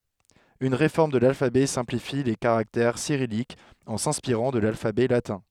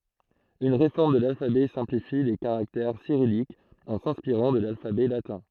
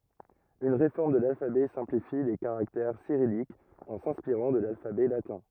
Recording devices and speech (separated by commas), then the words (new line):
headset microphone, throat microphone, rigid in-ear microphone, read sentence
Une réforme de l’alphabet simplifie les caractères cyrilliques, en s'inspirant de l'alphabet latin.